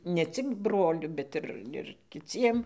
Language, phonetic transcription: Lithuanian, ne ˈcik ˈbroliu bet ˈir ir kiˈciem

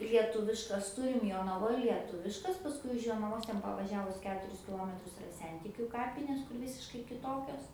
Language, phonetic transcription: Lithuanian, lieˈtuviškas ˈturim jonaˈvoj lieˈtuviškas pasˈkui už jonaˈvos ˈten pavaˈžiavus ˈketuris kiˈlometrus iˈra ˈsentikiu ˈkapinės kur ˈvisiškai kiˈtokios

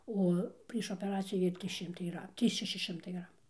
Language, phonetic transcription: Lithuanian, ˈo prieš opeˈracijų ˈvėl' ˈtrys ˈšimtai yˈra ˈtį ˈšeši ˈšimtai ˈgramų

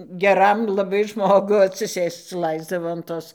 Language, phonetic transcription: Lithuanian, geˈram laˈbai ˈžmogu atsiˈsėsc ˈlaisdavo an ˈtos

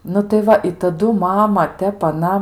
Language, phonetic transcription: Lithuanian, nu tai ˈva i taˈdu ˈmama ˈtep aˈna

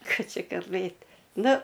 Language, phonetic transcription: Lithuanian, ˈką ˈči kalˈbɘt' ˈnu

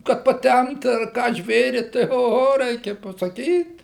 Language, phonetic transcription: Lithuanian, kad paˈtempt ar ˈką ˈžvėri tai oˈho ˈreikia pasaˈkyt

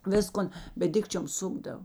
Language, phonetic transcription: Lithuanian, ˈviskon bet ˈdikčiom ˈsukdav

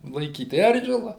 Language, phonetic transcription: Lithuanian, laiˈkyt ˈeržila

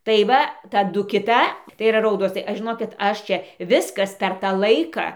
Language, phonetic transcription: Lithuanian, tai ˈva taˈdu kiˈta tai yˈra ˈraudos tai ˈaš žiˈnokit ˈaš ˈčia ˈviskas per ˈtą ˈlaiką

